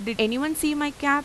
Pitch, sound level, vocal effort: 285 Hz, 90 dB SPL, normal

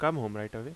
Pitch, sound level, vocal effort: 110 Hz, 85 dB SPL, normal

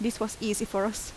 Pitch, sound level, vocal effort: 220 Hz, 80 dB SPL, normal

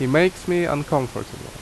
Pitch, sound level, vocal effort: 145 Hz, 82 dB SPL, very loud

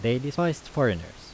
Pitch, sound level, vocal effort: 130 Hz, 85 dB SPL, normal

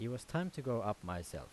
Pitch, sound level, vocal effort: 115 Hz, 84 dB SPL, normal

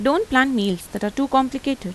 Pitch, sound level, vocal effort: 260 Hz, 85 dB SPL, normal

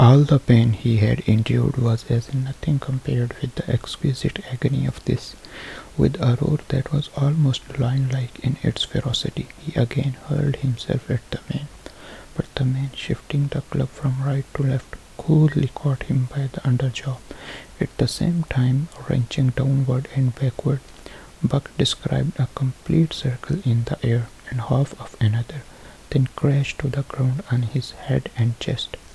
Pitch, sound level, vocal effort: 135 Hz, 67 dB SPL, soft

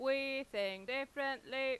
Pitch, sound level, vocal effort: 265 Hz, 96 dB SPL, very loud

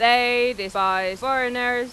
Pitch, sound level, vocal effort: 245 Hz, 98 dB SPL, loud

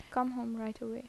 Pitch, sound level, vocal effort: 240 Hz, 79 dB SPL, soft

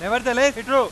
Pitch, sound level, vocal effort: 250 Hz, 107 dB SPL, very loud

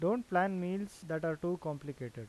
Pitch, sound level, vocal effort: 175 Hz, 87 dB SPL, normal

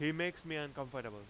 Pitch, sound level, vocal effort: 150 Hz, 94 dB SPL, very loud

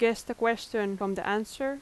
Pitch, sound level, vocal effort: 225 Hz, 85 dB SPL, loud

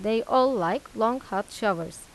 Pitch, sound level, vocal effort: 225 Hz, 88 dB SPL, normal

